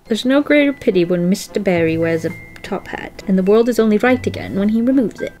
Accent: British accent